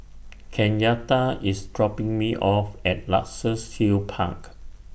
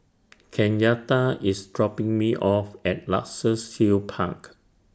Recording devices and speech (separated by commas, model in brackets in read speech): boundary microphone (BM630), standing microphone (AKG C214), read sentence